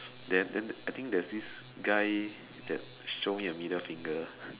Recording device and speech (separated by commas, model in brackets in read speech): telephone, conversation in separate rooms